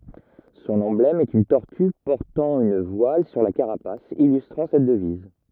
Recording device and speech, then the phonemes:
rigid in-ear microphone, read sentence
sɔ̃n ɑ̃blɛm ɛt yn tɔʁty pɔʁtɑ̃ yn vwal syʁ la kaʁapas ilystʁɑ̃ sɛt dəviz

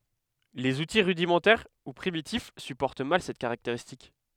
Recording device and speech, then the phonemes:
headset microphone, read sentence
lez uti ʁydimɑ̃tɛʁ u pʁimitif sypɔʁt mal sɛt kaʁakteʁistik

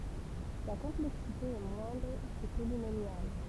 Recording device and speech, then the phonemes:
temple vibration pickup, read sentence
sa kɔ̃plɛksite ɛ mwɛ̃dʁ kə polinomjal

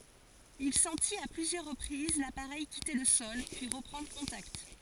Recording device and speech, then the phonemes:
forehead accelerometer, read sentence
il sɑ̃tit a plyzjœʁ ʁəpʁiz lapaʁɛj kite lə sɔl pyi ʁəpʁɑ̃dʁ kɔ̃takt

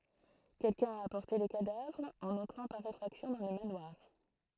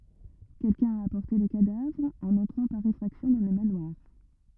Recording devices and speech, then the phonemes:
throat microphone, rigid in-ear microphone, read sentence
kɛlkœ̃ a apɔʁte lə kadavʁ ɑ̃n ɑ̃tʁɑ̃ paʁ efʁaksjɔ̃ dɑ̃ lə manwaʁ

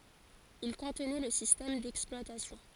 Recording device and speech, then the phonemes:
forehead accelerometer, read sentence
il kɔ̃tnɛ lə sistɛm dɛksplwatasjɔ̃

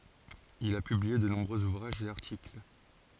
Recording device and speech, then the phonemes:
forehead accelerometer, read sentence
il a pyblie də nɔ̃bʁøz uvʁaʒz e aʁtikl

